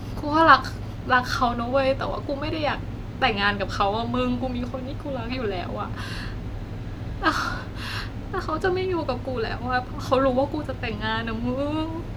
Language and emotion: Thai, sad